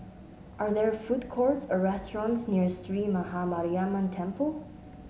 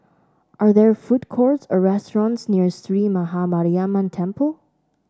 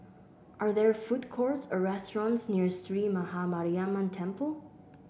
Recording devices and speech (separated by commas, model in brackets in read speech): mobile phone (Samsung S8), standing microphone (AKG C214), boundary microphone (BM630), read sentence